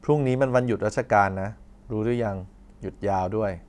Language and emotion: Thai, neutral